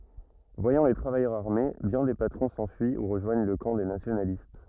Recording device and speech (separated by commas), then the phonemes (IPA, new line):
rigid in-ear microphone, read sentence
vwajɑ̃ le tʁavajœʁz aʁme bjɛ̃ de patʁɔ̃ sɑ̃fyi u ʁəʒwaɲ lə kɑ̃ de nasjonalist